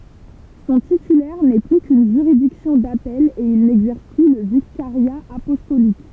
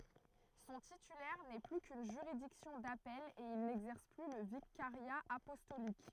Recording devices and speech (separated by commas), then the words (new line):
temple vibration pickup, throat microphone, read sentence
Son titulaire n'est plus qu'une juridiction d'appel, et il n'exerce plus le vicariat apostolique.